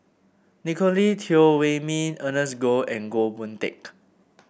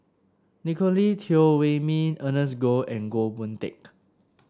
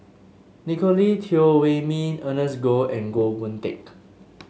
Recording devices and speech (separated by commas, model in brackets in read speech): boundary microphone (BM630), standing microphone (AKG C214), mobile phone (Samsung S8), read sentence